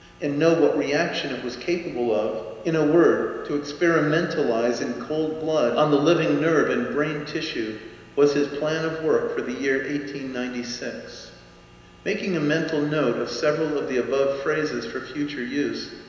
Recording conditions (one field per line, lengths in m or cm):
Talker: one person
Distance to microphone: 1.7 m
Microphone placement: close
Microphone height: 1.0 m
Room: very reverberant, large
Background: none